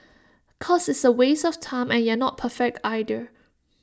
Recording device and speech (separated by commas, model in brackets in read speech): standing microphone (AKG C214), read sentence